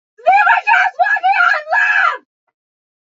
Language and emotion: English, sad